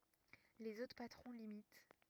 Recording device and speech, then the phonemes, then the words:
rigid in-ear microphone, read sentence
lez otʁ patʁɔ̃ limit
Les autres patrons l'imitent.

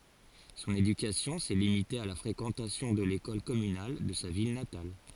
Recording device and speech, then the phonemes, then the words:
forehead accelerometer, read sentence
sɔ̃n edykasjɔ̃ sɛ limite a la fʁekɑ̃tasjɔ̃ də lekɔl kɔmynal də sa vil natal
Son éducation s'est limitée à la fréquentation de l’école communale de sa ville natale.

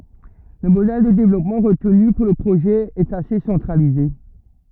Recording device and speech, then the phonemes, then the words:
rigid in-ear microphone, read sentence
lə modɛl də devlɔpmɑ̃ ʁətny puʁ lə pʁoʒɛ ɛt ase sɑ̃tʁalize
Le modèle de développement retenu pour le projet est assez centralisé.

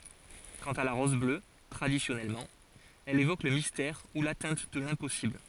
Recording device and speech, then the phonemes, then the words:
forehead accelerometer, read sentence
kɑ̃t a la ʁɔz blø tʁadisjɔnɛlmɑ̃ ɛl evok lə mistɛʁ u latɛ̃t də lɛ̃pɔsibl
Quant à la rose bleue, traditionnellement, elle évoque le mystère ou l'atteinte de l'impossible.

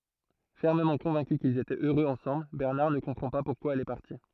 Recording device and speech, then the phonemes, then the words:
throat microphone, read sentence
fɛʁməmɑ̃ kɔ̃vɛ̃ky kilz etɛt øʁøz ɑ̃sɑ̃bl bɛʁnaʁ nə kɔ̃pʁɑ̃ pa puʁkwa ɛl ɛ paʁti
Fermement convaincu qu'ils étaient heureux ensemble, Bernard ne comprend pas pourquoi elle est partie.

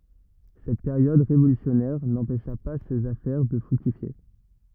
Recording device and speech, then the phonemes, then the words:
rigid in-ear microphone, read sentence
sɛt peʁjɔd ʁevolysjɔnɛʁ nɑ̃pɛʃa pa sez afɛʁ də fʁyktifje
Cette période révolutionnaire, n'empêcha pas ses affaires de fructifier.

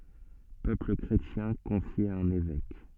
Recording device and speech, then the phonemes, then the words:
soft in-ear microphone, read sentence
pøpl kʁetjɛ̃ kɔ̃fje a œ̃n evɛk
Peuple chrétien confié à un évêque.

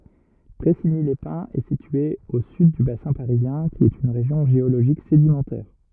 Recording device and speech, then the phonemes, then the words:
rigid in-ear microphone, read sentence
pʁɛsiɲilɛspɛ̃z ɛ sitye o syd dy basɛ̃ paʁizjɛ̃ ki ɛt yn ʁeʒjɔ̃ ʒeoloʒik sedimɑ̃tɛʁ
Pressigny-les-Pins est située au sud du bassin parisien qui est une région géologique sédimentaire.

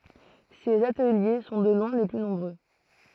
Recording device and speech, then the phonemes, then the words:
throat microphone, read sentence
sez atəlje sɔ̃ də lwɛ̃ le ply nɔ̃bʁø
Ces ateliers sont de loin les plus nombreux.

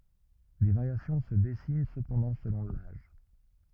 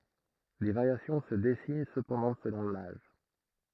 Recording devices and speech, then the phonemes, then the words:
rigid in-ear microphone, throat microphone, read sentence
de vaʁjasjɔ̃ sə dɛsin səpɑ̃dɑ̃ səlɔ̃ laʒ
Des variations se dessinent cependant selon l'âge.

